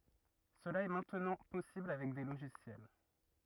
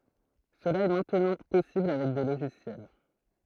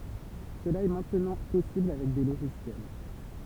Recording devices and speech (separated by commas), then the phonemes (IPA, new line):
rigid in-ear microphone, throat microphone, temple vibration pickup, read sentence
səla ɛ mɛ̃tnɑ̃ pɔsibl avɛk de loʒisjɛl